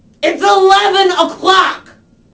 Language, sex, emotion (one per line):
English
female
angry